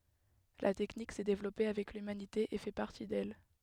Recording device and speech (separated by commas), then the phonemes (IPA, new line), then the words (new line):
headset microphone, read sentence
la tɛknik sɛ devlɔpe avɛk lymanite e fɛ paʁti dɛl
La technique s'est développée avec l'humanité et fait partie d'elle.